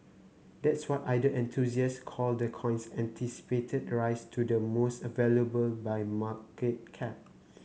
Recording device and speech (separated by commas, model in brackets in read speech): mobile phone (Samsung C9), read sentence